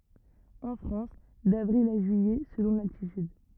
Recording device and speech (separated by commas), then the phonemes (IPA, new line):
rigid in-ear microphone, read sentence
ɑ̃ fʁɑ̃s davʁil a ʒyijɛ səlɔ̃ laltityd